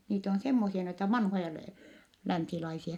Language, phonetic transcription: Finnish, niit ‿on semmosia noita vanhoja lä- , länsilaisia .
- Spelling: niitä on semmoisia noita vanhoja - länsilaisia

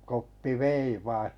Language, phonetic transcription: Finnish, 'Koppi "vei 'vai .
- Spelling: Koppi vei vain

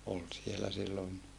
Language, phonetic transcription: Finnish, ol sielä sillon .
- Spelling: oli siellä silloin

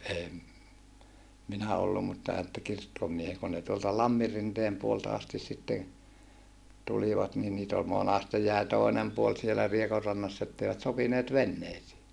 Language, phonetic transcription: Finnish, em , minä ollu mutta että kirkkomie(het) kun ne tuolta Lammirrinteem puolelta astis sitten , tulivat ni niit ‿ol monaste jäi tòinem puol sielä Riekorrannass ‿etteivät sopineet venneisii .
- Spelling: en minä ollut mutta että kirkkomiehet kun ne tuolta Lamminrinteen puolelta asti sitten tulivat niin niitä oli monasti jäi toinen puoli siellä Riekonrannassa että eivät sopineet veneisiin

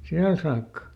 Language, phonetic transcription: Finnish, ˈsiäl saakka .
- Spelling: siellä saakka

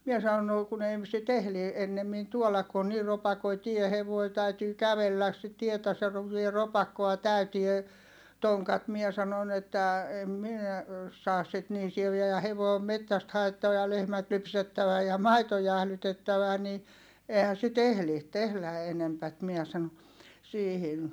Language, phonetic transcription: Finnish, mie sanon » no , kun ‿ei ‿m- , sit ‿ehli , ennemmin tuolak ku on niir ropakoi tie hevoi täytyy kävelläs sit tietä se (--) ropakkoa täytie , toŋkat » mie sanon ‿että , em minä , saas sit nii sieviä ja hevòi̮ om mettäst haettava ja lehmät lypsettävä ja maito jählytettävä ni , eehän̬ sit ‿ehli , tehlä enempät » miɛ sano , siihin .
- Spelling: minä sanoin no kun ei - sitä ehdi ennemmin tuoda kun on niin ropakoinen tie hevonen täytyy kävellä sitä tietä se - ropakkoa täytyy tonkat minä sanon että en minä saa sitten niin sieviä ja hevonen on metsästä haettava ja lehmät lypsettävä ja maito jäähdytettävä niin eihän̬ sitä ehdi tehdä enempää minä sanoi siihen

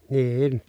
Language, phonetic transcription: Finnish, nii₍in .
- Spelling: niin

